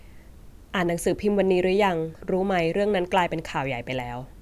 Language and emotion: Thai, neutral